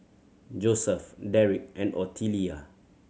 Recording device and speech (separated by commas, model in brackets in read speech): mobile phone (Samsung C7100), read sentence